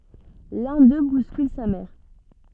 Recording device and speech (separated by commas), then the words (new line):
soft in-ear microphone, read sentence
L'un d'eux bouscule sa mère.